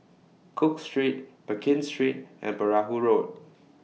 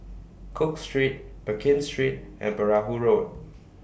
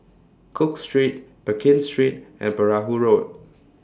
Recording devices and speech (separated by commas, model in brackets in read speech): mobile phone (iPhone 6), boundary microphone (BM630), standing microphone (AKG C214), read sentence